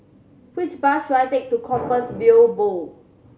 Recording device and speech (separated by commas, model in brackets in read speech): mobile phone (Samsung C7100), read sentence